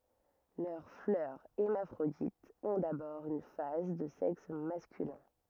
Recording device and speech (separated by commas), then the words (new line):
rigid in-ear microphone, read sentence
Leurs fleurs hermaphrodites ont d'abord une phase de sexe masculin.